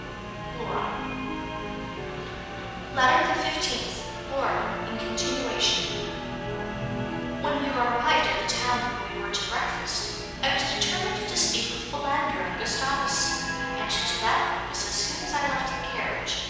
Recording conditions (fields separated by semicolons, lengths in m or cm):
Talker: one person; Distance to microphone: 7.1 m; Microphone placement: far; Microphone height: 1.7 m; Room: very reverberant, large; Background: television